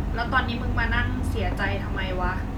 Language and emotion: Thai, frustrated